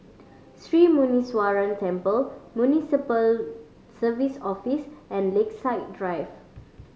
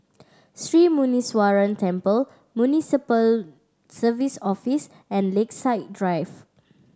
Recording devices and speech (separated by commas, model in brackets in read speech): mobile phone (Samsung C5010), standing microphone (AKG C214), read sentence